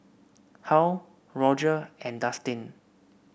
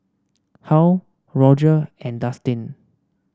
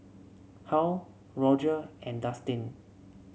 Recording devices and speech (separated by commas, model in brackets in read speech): boundary microphone (BM630), standing microphone (AKG C214), mobile phone (Samsung C7), read sentence